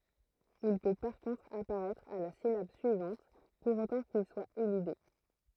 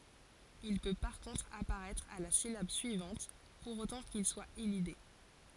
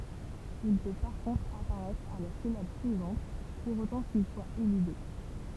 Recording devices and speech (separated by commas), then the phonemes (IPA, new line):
throat microphone, forehead accelerometer, temple vibration pickup, read sentence
il pø paʁ kɔ̃tʁ apaʁɛtʁ a la silab syivɑ̃t puʁ otɑ̃ kil swa elide